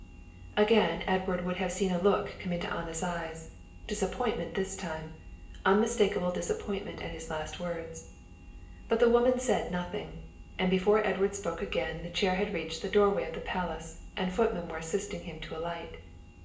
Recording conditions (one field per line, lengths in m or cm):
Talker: one person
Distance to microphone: 1.8 m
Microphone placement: close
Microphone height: 1.0 m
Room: large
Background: none